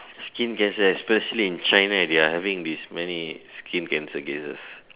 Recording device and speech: telephone, conversation in separate rooms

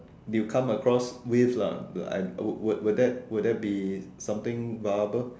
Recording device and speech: standing microphone, conversation in separate rooms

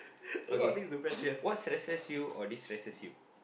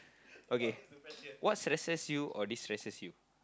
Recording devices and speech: boundary microphone, close-talking microphone, conversation in the same room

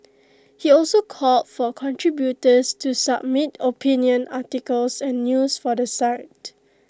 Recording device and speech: close-talking microphone (WH20), read sentence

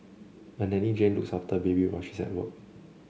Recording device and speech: mobile phone (Samsung C7), read sentence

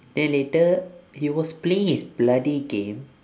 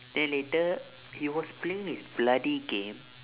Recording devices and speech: standing microphone, telephone, conversation in separate rooms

